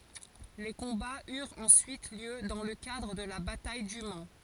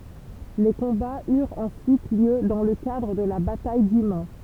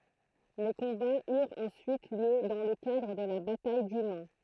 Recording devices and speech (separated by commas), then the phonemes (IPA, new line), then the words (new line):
forehead accelerometer, temple vibration pickup, throat microphone, read sentence
le kɔ̃baz yʁt ɑ̃syit ljø dɑ̃ lə kadʁ də la bataj dy man
Les combats eurent ensuite lieu dans le cadre de la bataille du Mans.